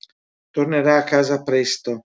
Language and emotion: Italian, neutral